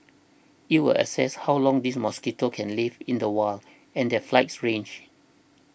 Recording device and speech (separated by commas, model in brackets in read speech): boundary microphone (BM630), read sentence